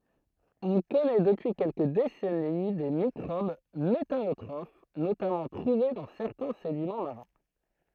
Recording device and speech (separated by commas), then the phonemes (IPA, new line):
throat microphone, read sentence
ɔ̃ kɔnɛ dəpyi kɛlkə desɛni de mikʁob metanotʁof notamɑ̃ tʁuve dɑ̃ sɛʁtɛ̃ sedimɑ̃ maʁɛ̃